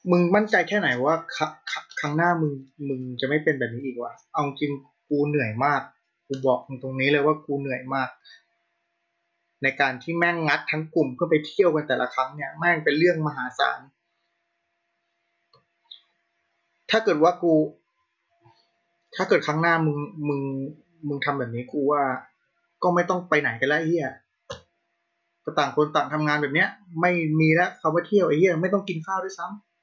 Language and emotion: Thai, frustrated